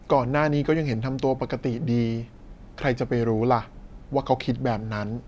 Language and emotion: Thai, neutral